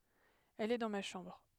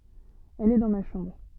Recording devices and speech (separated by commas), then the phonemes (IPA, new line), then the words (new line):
headset microphone, soft in-ear microphone, read sentence
ɛl ɛ dɑ̃ ma ʃɑ̃bʁ
Elle est dans ma chambre.